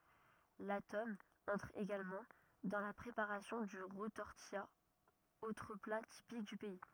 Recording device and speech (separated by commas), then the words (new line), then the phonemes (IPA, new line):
rigid in-ear microphone, read sentence
La tome entre également dans la préparation du retortillat, autre plat typique du pays.
la tɔm ɑ̃tʁ eɡalmɑ̃ dɑ̃ la pʁepaʁasjɔ̃ dy ʁətɔʁtija otʁ pla tipik dy pɛi